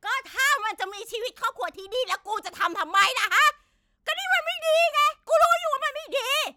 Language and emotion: Thai, angry